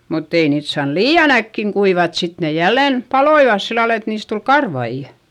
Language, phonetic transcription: Finnish, mutt ‿ei niit saan lii₍an ‿äkkiŋ kuivat sit ne jällen , paloivas sillal ‿et niis tul karvaijA .
- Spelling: mutta ei niitä saanut liian äkkiä kuivata sitten ne jälleen paloivat sillä lailla että niistä tuli karvaita

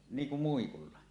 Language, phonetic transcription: Finnish, 'niiŋ kum 'muikulla .
- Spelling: niin kuin muikulla

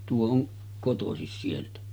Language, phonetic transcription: Finnish, 'tuo oŋ 'kotosis sieltä .
- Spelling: tuo on kotoisin sieltä

